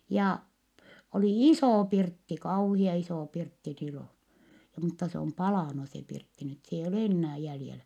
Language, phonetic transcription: Finnish, ja , oli isò pirtti , kauhia isò pirtti silò , mutta se om palànu se pirtti nyt s ‿eijj ‿ol ennää jäljelä .
- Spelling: ja oli iso pirtti kauhean iso pirtti silloin mutta se on palanut se pirtti nyt se ei ole enää jäljellä

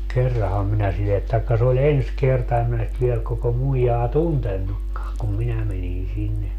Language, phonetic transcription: Finnish, "kerraham minä sillet - taikka se oĺ "ens 'kerta em min nyt 'viel koko 'muijaa "tuntennukkaaŋ kum 'minä menin 'sinne .
- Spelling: kerranhan minä sille tai se oli ensi kerta en minä nyt vielä koko muijaa tuntenutkaan kun minä menin sinne

